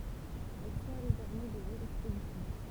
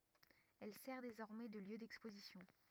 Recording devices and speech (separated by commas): temple vibration pickup, rigid in-ear microphone, read sentence